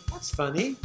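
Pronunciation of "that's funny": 'That's funny' is said with an intonation that means 'that's strange', as if something doesn't make sense, not 'that's humorous'.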